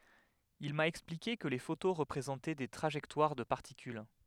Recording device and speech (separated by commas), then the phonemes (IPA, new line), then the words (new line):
headset microphone, read sentence
il ma ɛksplike kə le foto ʁəpʁezɑ̃tɛ de tʁaʒɛktwaʁ də paʁtikyl
Il m'a expliqué que les photos représentaient des trajectoires de particules.